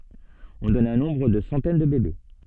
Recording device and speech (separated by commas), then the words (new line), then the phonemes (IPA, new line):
soft in-ear microphone, read sentence
On donne un nombre de centaines de bébés.
ɔ̃ dɔn œ̃ nɔ̃bʁ də sɑ̃tɛn də bebe